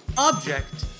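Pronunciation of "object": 'Object' has the stress on the first syllable.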